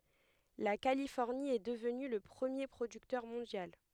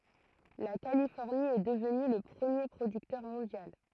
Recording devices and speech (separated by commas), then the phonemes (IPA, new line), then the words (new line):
headset microphone, throat microphone, read sentence
la kalifɔʁni ɛ dəvny lə pʁəmje pʁodyktœʁ mɔ̃djal
La Californie est devenue le premier producteur mondial.